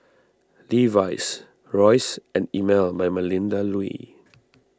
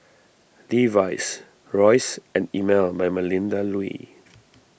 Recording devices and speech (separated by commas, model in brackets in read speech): standing microphone (AKG C214), boundary microphone (BM630), read sentence